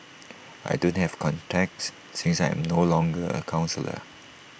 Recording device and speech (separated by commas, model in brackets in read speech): boundary microphone (BM630), read sentence